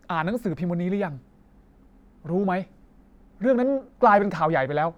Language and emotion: Thai, angry